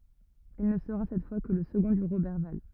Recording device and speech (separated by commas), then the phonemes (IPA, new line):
rigid in-ear microphone, read sentence
il nə səʁa sɛt fwa kə lə səɡɔ̃ də ʁobɛʁval